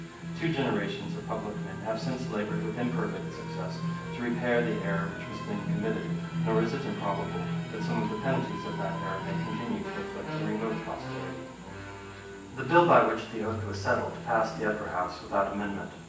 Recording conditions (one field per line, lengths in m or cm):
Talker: one person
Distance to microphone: 9.8 m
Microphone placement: far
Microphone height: 1.8 m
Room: large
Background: television